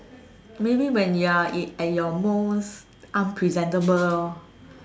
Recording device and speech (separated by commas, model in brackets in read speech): standing microphone, conversation in separate rooms